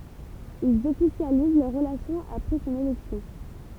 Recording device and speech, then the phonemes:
temple vibration pickup, read sentence
ilz ɔfisjaliz lœʁ ʁəlasjɔ̃ apʁɛ sɔ̃n elɛksjɔ̃

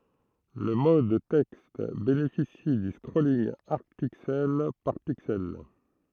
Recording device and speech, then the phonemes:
throat microphone, read sentence
lə mɔd tɛkst benefisi dy skʁolinɡ aʁd piksɛl paʁ piksɛl

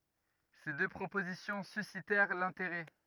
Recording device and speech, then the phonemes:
rigid in-ear microphone, read sentence
se dø pʁopozisjɔ̃ sysitɛʁ lɛ̃teʁɛ

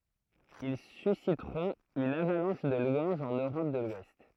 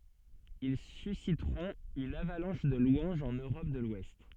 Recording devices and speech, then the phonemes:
throat microphone, soft in-ear microphone, read sentence
il sysitʁɔ̃t yn avalɑ̃ʃ də lwɑ̃ʒz ɑ̃n øʁɔp də lwɛst

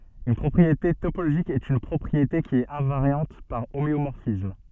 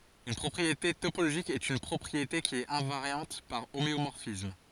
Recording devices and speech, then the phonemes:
soft in-ear microphone, forehead accelerometer, read sentence
yn pʁɔpʁiete topoloʒik ɛt yn pʁɔpʁiete ki ɛt ɛ̃vaʁjɑ̃t paʁ omeomɔʁfism

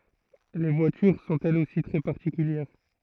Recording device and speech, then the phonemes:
throat microphone, read sentence
le vwatyʁ sɔ̃t ɛlz osi tʁɛ paʁtikyljɛʁ

